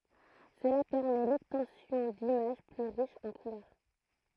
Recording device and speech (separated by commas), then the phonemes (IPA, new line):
throat microphone, read sentence
səla pɛʁmɛ lɔbtɑ̃sjɔ̃ dimaʒ ply ʁiʃz ɑ̃ kulœʁ